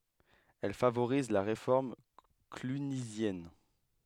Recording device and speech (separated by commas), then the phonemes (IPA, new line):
headset microphone, read sentence
ɛl favoʁiz la ʁefɔʁm klynizjɛn